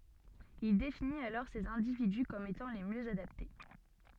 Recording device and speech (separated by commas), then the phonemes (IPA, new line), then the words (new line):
soft in-ear microphone, read sentence
il definit alɔʁ sez ɛ̃dividy kɔm etɑ̃ le mjø adapte
Il définit alors ces individus comme étant les mieux adaptés.